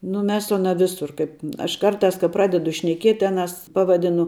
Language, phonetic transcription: Lithuanian, nu ˈmes su aˈna ˈvisur ˈkaip aš ˈkarˌtās ka ˈpradedu šneˈkiet' ˈaˌnas ˈpavaˌdinu

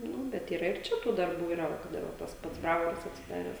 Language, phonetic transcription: Lithuanian, ˈnu ˈbet yˈra ir ˈčia tų darˈbų yˈra ˈva kad ˈir va ˈtas ˈpats ˈbravoras atsiˈdares

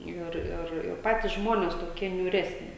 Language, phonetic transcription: Lithuanian, ˈir ir ir ˈpatys ˈžmones toˈkie niūˈresni

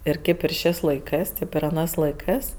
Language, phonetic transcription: Lithuanian, ir ˈkėp ir ˈšės' laiˈkɜs ˈtėp ir aˈnɜs laiˈkɜs

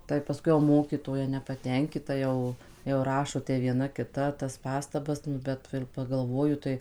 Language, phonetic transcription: Lithuanian, tai pasˈkui jau ˈmokytoja nepatenˈkita ˈjau jau ˈrašo te vieˈna kiˈta tas ˈpastabas nu ˈbet va ir pagalˈvoju tai

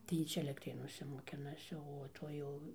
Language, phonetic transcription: Lithuanian, tai ˈjy ˈčia elektˈrėnuose moˈkinasi o ˈtoj jau

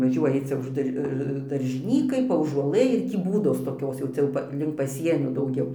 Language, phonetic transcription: Lithuanian, vaˈžiuoji ˈcia už ˈdar daržiˈnykai paųžuoˈlɘ ir ˈtį ˈbūdos toˈkios jau ˈcia jau ˈpa link paˈsienio dauˈgiau

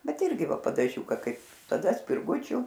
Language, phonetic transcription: Lithuanian, ˈbet ˈirgi ˈva padaˈžiūka ˈkaip taˈda spirˈgučiu

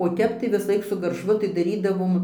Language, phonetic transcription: Lithuanian, o ˈtep tai visaˈlaik su garˈšvu tai daˈrydavom

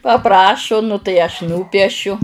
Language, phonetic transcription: Lithuanian, paˈprašu nu tai ˈaš ˈnūpiešiu

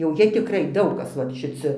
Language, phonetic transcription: Lithuanian, jau ˈjie tikˈrai ˈdaug ˈkas va šiˈci

